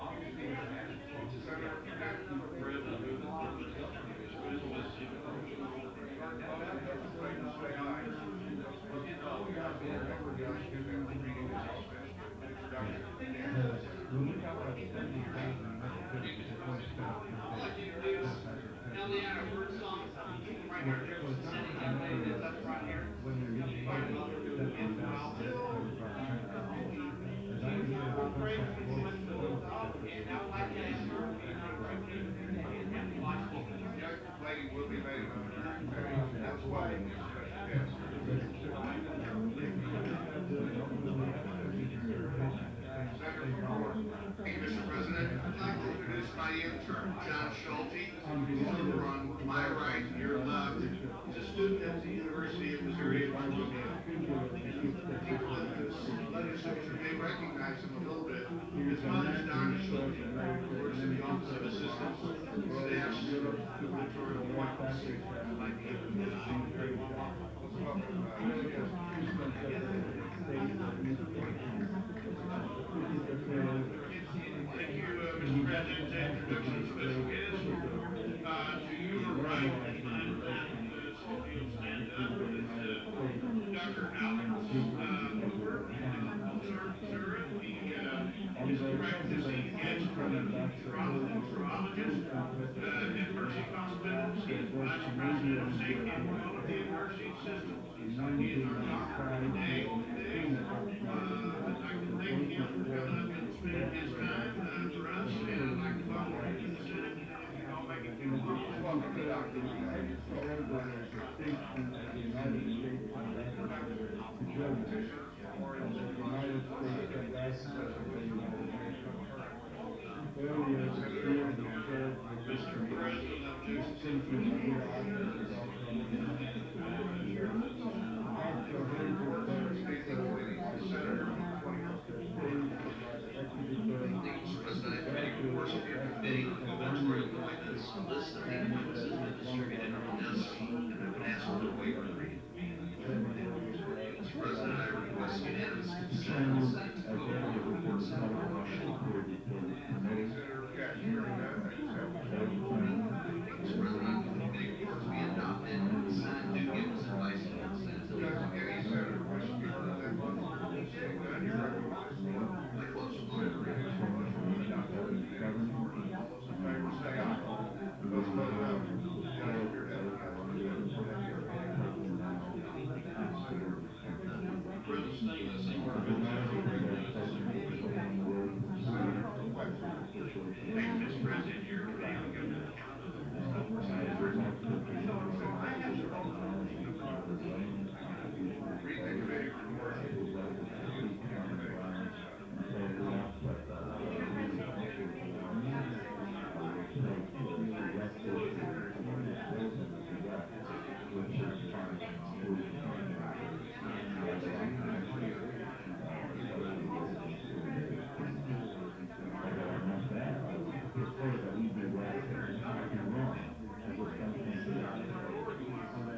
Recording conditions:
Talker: no one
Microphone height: 1.8 m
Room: medium-sized (5.7 m by 4.0 m)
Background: babble

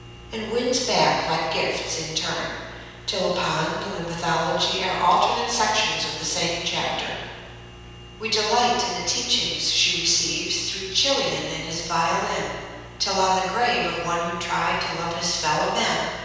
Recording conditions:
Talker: one person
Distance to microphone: 7.1 m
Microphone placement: far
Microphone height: 1.7 m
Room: very reverberant, large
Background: none

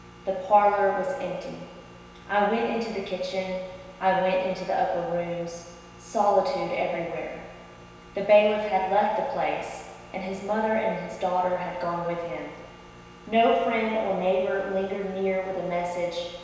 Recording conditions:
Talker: one person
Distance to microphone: 1.7 m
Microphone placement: close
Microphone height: 1.0 m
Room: very reverberant, large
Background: none

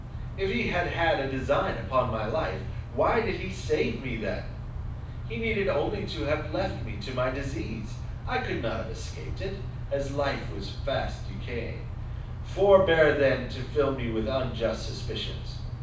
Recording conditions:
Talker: one person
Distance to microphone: 5.8 m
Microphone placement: far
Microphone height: 1.8 m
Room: medium-sized (5.7 m by 4.0 m)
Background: none

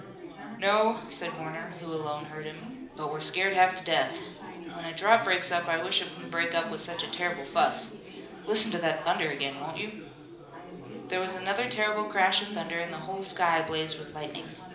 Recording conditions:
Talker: one person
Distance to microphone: 2.0 m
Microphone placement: close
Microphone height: 99 cm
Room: medium-sized (5.7 m by 4.0 m)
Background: babble

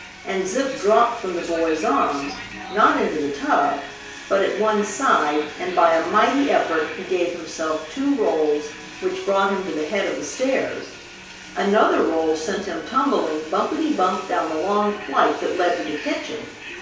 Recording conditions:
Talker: one person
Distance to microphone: 3.0 m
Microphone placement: far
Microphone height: 1.8 m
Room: small (3.7 m by 2.7 m)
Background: television

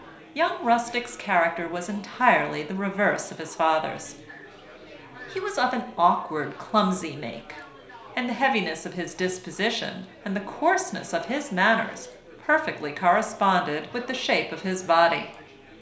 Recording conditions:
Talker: one person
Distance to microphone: 1.0 m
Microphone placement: close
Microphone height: 1.1 m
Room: small (3.7 m by 2.7 m)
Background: babble

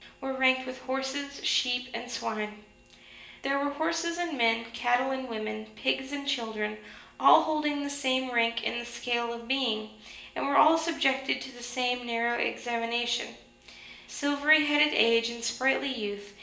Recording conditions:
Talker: one person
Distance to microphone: 1.8 m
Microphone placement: close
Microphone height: 1.0 m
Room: large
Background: none

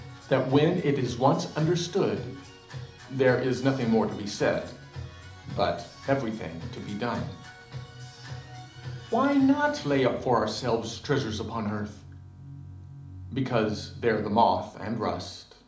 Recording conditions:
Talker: one person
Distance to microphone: 2.0 m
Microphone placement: close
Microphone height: 99 cm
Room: medium-sized (5.7 m by 4.0 m)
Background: music

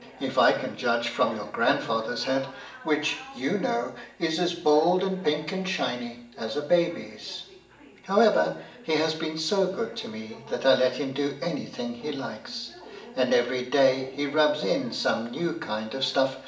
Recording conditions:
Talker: one person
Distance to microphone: 1.8 m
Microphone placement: close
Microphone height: 1.0 m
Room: large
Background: television

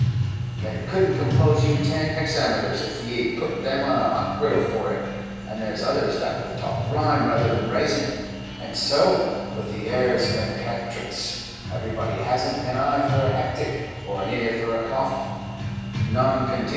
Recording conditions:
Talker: one person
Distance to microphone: 7.1 m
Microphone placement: far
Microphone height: 1.7 m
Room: very reverberant, large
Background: music

